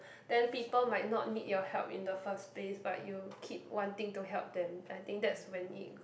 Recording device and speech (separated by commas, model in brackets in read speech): boundary microphone, conversation in the same room